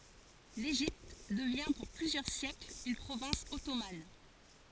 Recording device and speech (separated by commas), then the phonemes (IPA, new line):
forehead accelerometer, read sentence
leʒipt dəvjɛ̃ puʁ plyzjœʁ sjɛkl yn pʁovɛ̃s ɔtoman